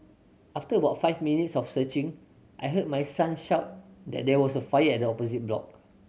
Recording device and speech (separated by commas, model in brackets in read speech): mobile phone (Samsung C7100), read sentence